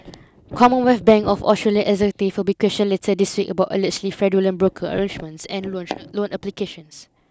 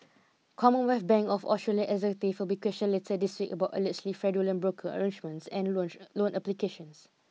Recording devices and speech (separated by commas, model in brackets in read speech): close-talking microphone (WH20), mobile phone (iPhone 6), read sentence